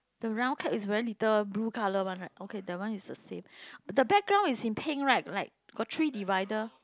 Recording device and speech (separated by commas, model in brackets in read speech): close-talking microphone, conversation in the same room